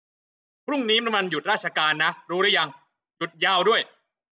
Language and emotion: Thai, angry